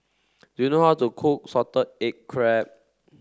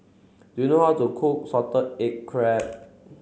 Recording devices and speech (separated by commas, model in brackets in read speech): standing microphone (AKG C214), mobile phone (Samsung C7), read sentence